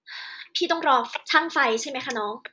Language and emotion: Thai, angry